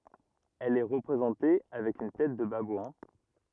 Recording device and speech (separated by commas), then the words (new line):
rigid in-ear microphone, read sentence
Elle est représentée avec une tête de babouin.